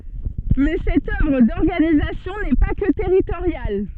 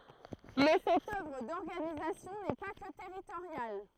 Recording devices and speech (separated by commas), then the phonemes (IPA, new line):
soft in-ear microphone, throat microphone, read sentence
mɛ sɛt œvʁ dɔʁɡanizasjɔ̃ nɛ pa kə tɛʁitoʁjal